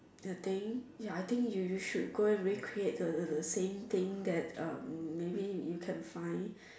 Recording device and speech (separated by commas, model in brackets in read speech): standing microphone, conversation in separate rooms